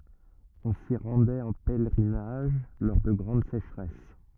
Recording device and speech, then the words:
rigid in-ear microphone, read sentence
On s'y rendait en pèlerinage lors de grandes sécheresses.

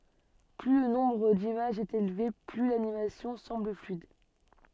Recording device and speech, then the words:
soft in-ear microphone, read sentence
Plus le nombre d'images est élevé, plus l'animation semble fluide.

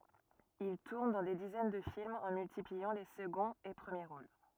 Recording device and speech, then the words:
rigid in-ear microphone, read sentence
Il tourne dans des dizaines de films, en multipliant les seconds et premiers rôles.

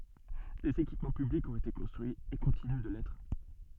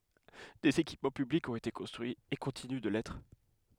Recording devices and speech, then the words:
soft in-ear microphone, headset microphone, read sentence
Des équipements publics ont été construits et continuent de l'être.

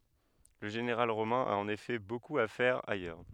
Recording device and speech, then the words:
headset microphone, read sentence
Le général romain a en effet beaucoup à faire ailleurs.

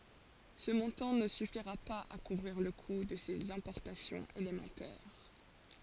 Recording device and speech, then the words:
forehead accelerometer, read sentence
Ce montant ne suffira pas à couvrir le coût de ses importations élémentaires.

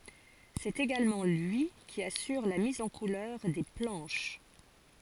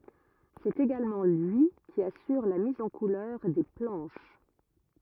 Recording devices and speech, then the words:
forehead accelerometer, rigid in-ear microphone, read sentence
C'est également lui qui assure la mise en couleurs des planches.

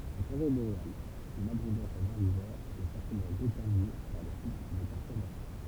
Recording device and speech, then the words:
temple vibration pickup, read sentence
En forêt boréale, l'abondance en herbivores est fortement déterminée par le cycle des perturbations.

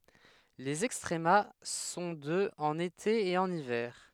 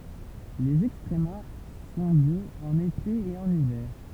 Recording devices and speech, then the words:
headset microphone, temple vibration pickup, read sentence
Les extrema sont de en été et en hiver.

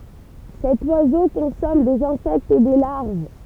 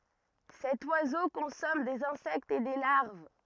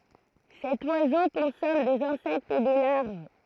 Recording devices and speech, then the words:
temple vibration pickup, rigid in-ear microphone, throat microphone, read sentence
Cet oiseau consomme des insectes et des larves.

